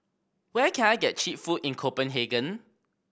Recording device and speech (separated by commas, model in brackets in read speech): boundary microphone (BM630), read sentence